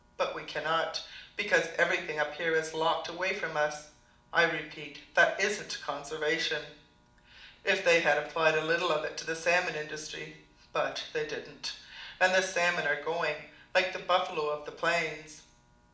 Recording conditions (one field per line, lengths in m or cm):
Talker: one person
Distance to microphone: 2.0 m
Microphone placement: close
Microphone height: 99 cm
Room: medium-sized (5.7 m by 4.0 m)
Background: none